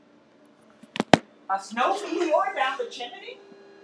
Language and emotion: English, surprised